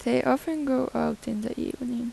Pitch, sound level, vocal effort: 240 Hz, 83 dB SPL, soft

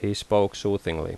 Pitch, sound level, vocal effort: 100 Hz, 82 dB SPL, normal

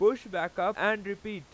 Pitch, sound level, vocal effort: 200 Hz, 99 dB SPL, very loud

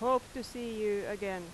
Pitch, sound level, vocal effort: 210 Hz, 90 dB SPL, very loud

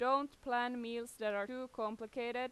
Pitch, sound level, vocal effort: 245 Hz, 91 dB SPL, loud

